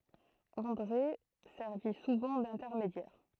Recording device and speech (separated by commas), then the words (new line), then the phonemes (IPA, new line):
throat microphone, read sentence
André servit souvent d’intermédiaire.
ɑ̃dʁe sɛʁvi suvɑ̃ dɛ̃tɛʁmedjɛʁ